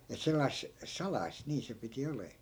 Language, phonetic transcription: Finnish, et 'sellais , "salais 'nii se piti 'olee .
- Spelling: että sellaista salaista niin se piti oleman

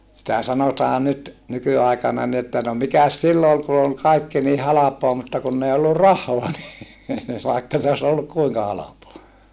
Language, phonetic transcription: Finnish, sitä sanotaa nyt , nykyàikana ni että » no mikäs sillo ol ku ol kaikki ni halapoa » mutta kunn ‿ei ollu rah̀oa ni , vàikka se os olluk kuiŋka halapoa .
- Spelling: sitä sanotaan nyt nykyaikana niin että no mikäs silloin oli kun oli kaikki niin halpaa mutta kun ei ollut rahaa niin vaikka se olisi ollut kuinka halpaa

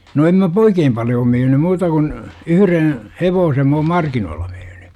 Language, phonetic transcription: Finnish, no em mä (p-) "oikeem paljoo 'myyny 'muuta kun , "yhyren̬ , "hevoosem m ‿oom "markinoolla myyny .
- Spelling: no en minä - oikein paljoa myynyt muuta kuin yhden hevosen minä olen markkinoilla myynyt

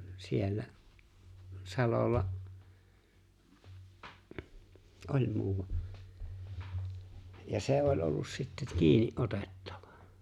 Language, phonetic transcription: Finnish, 'siellä’ , 'salolla’ , "’oĺ muuwa , ja 'se '’oĺ ’ollus sitt(et) 'kiini’ '’otettᴀᴠᴀ .
- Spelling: siellä salolla oli muuan ja se oli ollut sitten kiinni otettava

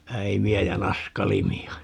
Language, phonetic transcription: Finnish, 'äimi₍ä ja "naskalimi₍a .
- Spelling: äimiä ja naskalimia

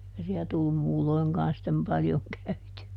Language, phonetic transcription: Finnish, (eikä) siä tullum ˈmuulloiŋkaan sittem paljoŋ ˈkäyty₍ä .
- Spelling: eikä siellä tullut muulloinkaan sitten paljon käytyä

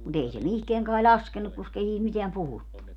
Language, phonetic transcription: Finnish, mut ‿ei se 'mihkeäŋ kai 'ĺaskenuk koskei sii(t) 'miteäm 'puhuttu .
- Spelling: mutta ei se mihinkään kai laskenut koska ei siitä mitään puhuttu

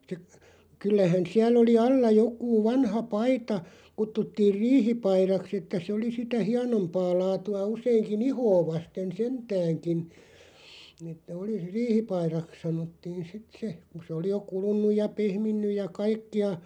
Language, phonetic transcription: Finnish, (ste) , 'kyllähän 'siälˡ ‿oli "alla 'jok̆kuu 'vanha "paita , 'kuttuttiir "riihi'pairaks ‿että se 'oli sitä "hianompaa 'laatu₍a 'us̀eeŋki"n ‿ihoo 'vasten "sentääŋkin , että oli "riihipairaks 'sanottiin 'sit 'se , ku 'se oli jo 'kulun̆nuj ja 'pehminnyj ja "kaikki₍a ,.
- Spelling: sitten kyllähän siellä oli alla joku vanha paita kutsuttiin riihipaidaksi että se oli sitä hienompaa laatua useinkin ihoa vasten sentäänkin että oli riihipaidaksi sanottiin sitten se kun se oli jo kulunut ja pehminnyt ja kaikkia

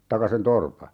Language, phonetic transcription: Finnish, 'taka sen "torpa .
- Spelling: tai sen torpan

